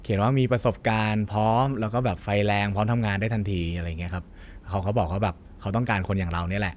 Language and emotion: Thai, neutral